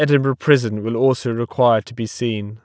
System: none